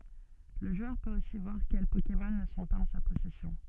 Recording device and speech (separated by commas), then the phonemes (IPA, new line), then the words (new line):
soft in-ear microphone, read sentence
lə ʒwœʁ pøt osi vwaʁ kɛl pokemɔn nə sɔ̃ paz ɑ̃ sa pɔsɛsjɔ̃
Le joueur peut aussi voir quels Pokémon ne sont pas en sa possession.